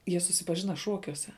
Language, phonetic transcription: Lithuanian, ˈjie susipaˈžina ˈšuokiuose

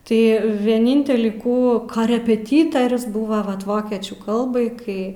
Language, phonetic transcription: Lithuanian, tai vieˈnintelį ˈkų karepeˈtytarius ˈbuva ˈvat ˈvokiečių ˈkalbai ˈkai

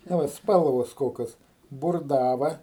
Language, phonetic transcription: Lithuanian, ˈna ˈva ˈspalvos ˈkokios burˈdava

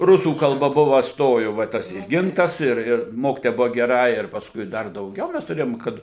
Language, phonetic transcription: Lithuanian, ˈrusų kalˈba ˈbuva ˈstoju va ˈtas i ˈgintas ir ˈir ˈmokitoja ˈbuva geˈra ir pasˈkui ˈdar dauˈgiau ˈmes tuˈrėjom ˈkad

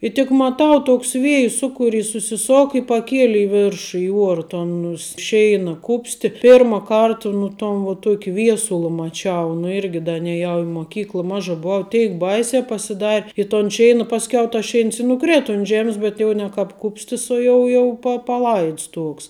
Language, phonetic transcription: Lithuanian, i tik maˈtau ˈtoksˈ vėju ˈsukuˌris susiˈsok i paˈkieli i ˈveršu i ˈuora ˈton us ˈšeina ˈkupsti ˈpirma ˈkarta nu ˈton vo ˈtuoki ˈviesula maˈčiau nu ˈirgi ˈda neˈjau i moˈkykla ˈmaža buˈau ˈteik ˈbaisiā pasiˈdar' i ton ˈšeina pasˈkiau tas ˈšeins i nuˈkrėta un ˈžemis bet ˈjau ne kāp ˈkupstis o ˈjau jau pa paˈlaids ˈtuoks

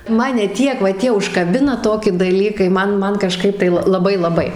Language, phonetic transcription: Lithuanian, ˈmane ˈtiek va ˈtie užkaˈbina ˈtoki daˈlykai ˈman ˈman kaˈžkaip tai ˈla laˈbai laˈbai

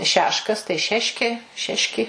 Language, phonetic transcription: Lithuanian, ˈšeškas tai ˈšeškė ˈšeški

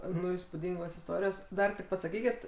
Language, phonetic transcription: Lithuanian, ˈnu įspūˈdingos isˈtorijos ˈdar tik pasaˈkykit

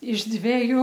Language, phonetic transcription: Lithuanian, iš ˈdveju

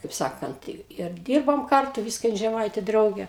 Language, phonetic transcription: Lithuanian, kaip ˈsakant ir ˈdyrbom ˈkartu ˈvyska ˈjin žeˈmaitė ˈdraugė

